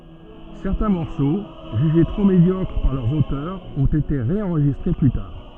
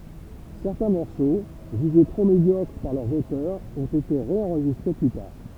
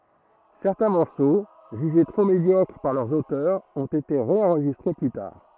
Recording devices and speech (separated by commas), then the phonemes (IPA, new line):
soft in-ear microphone, temple vibration pickup, throat microphone, read sentence
sɛʁtɛ̃ mɔʁso ʒyʒe tʁo medjɔkʁ paʁ lœʁz otœʁz ɔ̃t ete ʁeɑ̃ʁʒistʁe ply taʁ